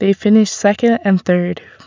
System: none